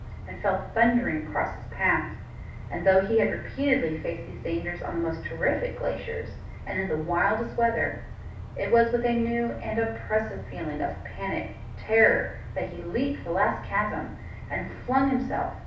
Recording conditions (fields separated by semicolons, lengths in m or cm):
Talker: one person; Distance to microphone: 5.8 m; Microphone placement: far; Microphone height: 1.8 m; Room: medium-sized (5.7 m by 4.0 m); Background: none